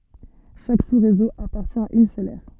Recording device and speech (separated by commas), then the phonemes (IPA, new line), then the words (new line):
soft in-ear microphone, read sentence
ʃak susʁezo apaʁtjɛ̃ a yn sœl ɛʁ
Chaque sous-réseau appartient à une seule aire.